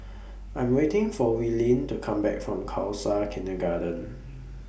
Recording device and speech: boundary microphone (BM630), read sentence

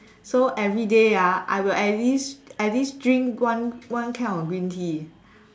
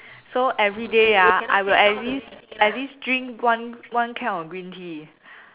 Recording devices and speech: standing microphone, telephone, conversation in separate rooms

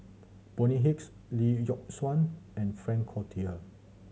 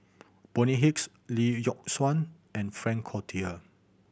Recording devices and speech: mobile phone (Samsung C7100), boundary microphone (BM630), read sentence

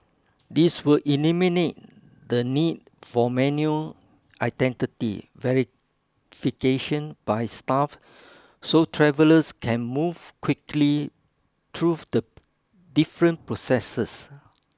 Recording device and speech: close-talking microphone (WH20), read sentence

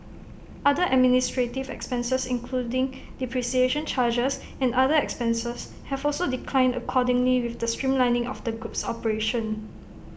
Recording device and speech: boundary microphone (BM630), read sentence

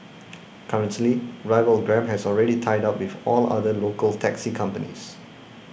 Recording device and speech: boundary microphone (BM630), read sentence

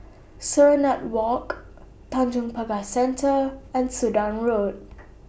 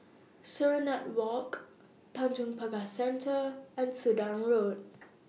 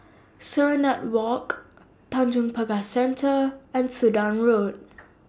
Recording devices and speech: boundary microphone (BM630), mobile phone (iPhone 6), standing microphone (AKG C214), read sentence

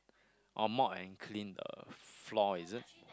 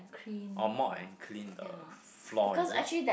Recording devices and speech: close-talking microphone, boundary microphone, conversation in the same room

